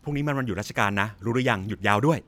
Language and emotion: Thai, happy